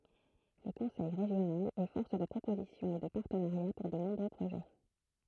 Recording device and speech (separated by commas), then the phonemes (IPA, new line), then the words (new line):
throat microphone, read sentence
lə kɔ̃sɛj ʁeʒjonal ɛ fɔʁs də pʁopozisjɔ̃ e də paʁtənaʁja puʁ də nɔ̃bʁø pʁoʒɛ
Le conseil régional est force de proposition et de partenariats pour de nombreux projets.